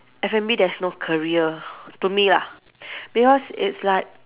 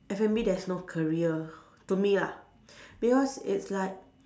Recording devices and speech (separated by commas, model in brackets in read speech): telephone, standing microphone, conversation in separate rooms